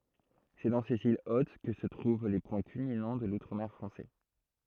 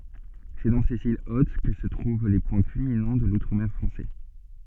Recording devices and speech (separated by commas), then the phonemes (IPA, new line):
throat microphone, soft in-ear microphone, read sentence
sɛ dɑ̃ sez il ot kə sə tʁuv le pwɛ̃ kylminɑ̃ də lutʁ mɛʁ fʁɑ̃sɛ